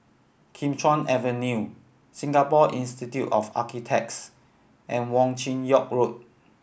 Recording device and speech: boundary microphone (BM630), read sentence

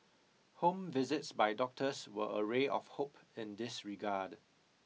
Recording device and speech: mobile phone (iPhone 6), read sentence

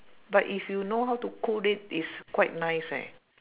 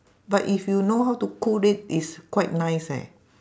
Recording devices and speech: telephone, standing microphone, conversation in separate rooms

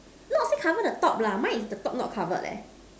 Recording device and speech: standing microphone, conversation in separate rooms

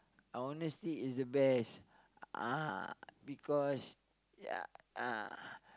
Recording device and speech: close-talking microphone, conversation in the same room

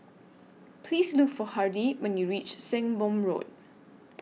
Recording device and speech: mobile phone (iPhone 6), read sentence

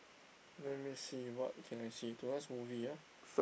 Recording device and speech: boundary microphone, conversation in the same room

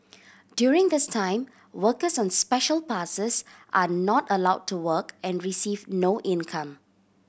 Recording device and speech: boundary microphone (BM630), read sentence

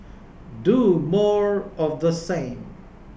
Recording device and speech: boundary microphone (BM630), read sentence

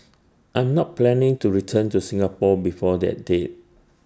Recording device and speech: standing microphone (AKG C214), read sentence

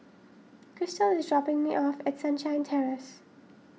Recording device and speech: mobile phone (iPhone 6), read sentence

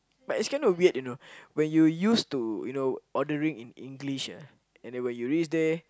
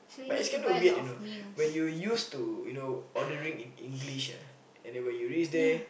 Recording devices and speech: close-talking microphone, boundary microphone, conversation in the same room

